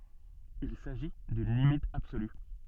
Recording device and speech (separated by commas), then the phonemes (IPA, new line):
soft in-ear microphone, read sentence
il saʒi dyn limit absoly